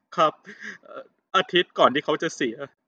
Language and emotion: Thai, sad